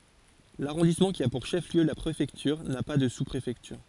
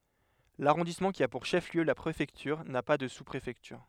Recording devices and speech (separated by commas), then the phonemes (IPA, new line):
forehead accelerometer, headset microphone, read sentence
laʁɔ̃dismɑ̃ ki a puʁ ʃəfliø la pʁefɛktyʁ na pa də suspʁefɛktyʁ